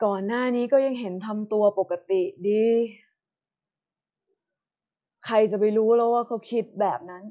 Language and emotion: Thai, frustrated